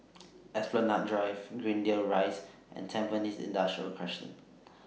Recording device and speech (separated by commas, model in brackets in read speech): mobile phone (iPhone 6), read sentence